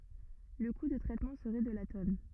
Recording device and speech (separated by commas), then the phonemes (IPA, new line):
rigid in-ear microphone, read sentence
lə ku də tʁɛtmɑ̃ səʁɛ də la tɔn